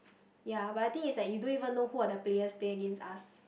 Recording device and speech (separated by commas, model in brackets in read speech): boundary microphone, conversation in the same room